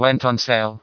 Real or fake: fake